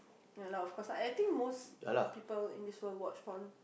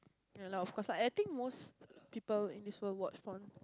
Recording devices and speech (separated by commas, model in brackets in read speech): boundary microphone, close-talking microphone, conversation in the same room